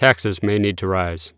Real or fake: real